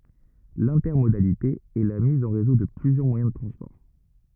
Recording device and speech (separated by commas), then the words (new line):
rigid in-ear microphone, read sentence
L'intermodalité est la mise en réseau de plusieurs moyens de transport.